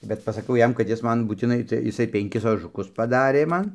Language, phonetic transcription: Lithuanian, bet pasaˈkiau ˈjam kad ˈjis ˈman būtiˈnai tai iˈsai penˈkis ožuˈkus paˈdarė ˈman

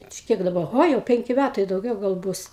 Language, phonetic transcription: Lithuanian, čia ˈkiek daˈba ˈho jau ˈpenki ˈmætai dauˈgiau gal ˈbus

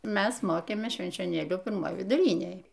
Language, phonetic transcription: Lithuanian, ˈmæs ˈmokėmės švenčioˈnėlių pirˈmoj viduˈrinėj

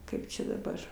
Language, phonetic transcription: Lithuanian, ˈkaip čia daˈbar

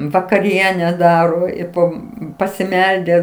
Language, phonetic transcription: Lithuanian, vakaˈriene ˈdaro i ˈpo pasiˈmeldę

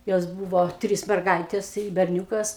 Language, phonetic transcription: Lithuanian, ˈjos ˈbūvo ˈtrys merˈgaitės i berˈniūkas

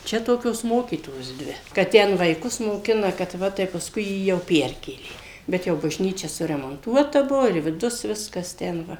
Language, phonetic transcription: Lithuanian, ˈčia ˈtokios ˈmokytojos ˈdvi kad ˈten vaiˈkus moˈkina kad ˈva tai pasˈkui ˈjį jau ˈperkėlė bet ˈjau bažˈnyčia suremonˈtuota ˈbuvo ir viˈdus ˈviskas ˈten ˈva

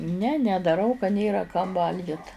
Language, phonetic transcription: Lithuanian, ne nedaˈrau ka ˈnėra kam ˈvalgit

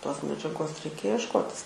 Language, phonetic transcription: Lithuanian, ˈtos medžiaˈgos reiˈkėja ješˈkotis

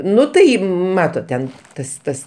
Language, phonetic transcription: Lithuanian, ˈnu tai ˈmatot ten ˈtas ˈtas

